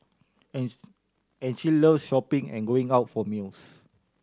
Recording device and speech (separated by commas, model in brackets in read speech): standing microphone (AKG C214), read sentence